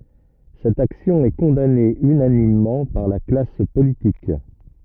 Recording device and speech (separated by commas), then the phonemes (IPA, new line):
rigid in-ear microphone, read sentence
sɛt aksjɔ̃ ɛ kɔ̃dane ynanimmɑ̃ paʁ la klas politik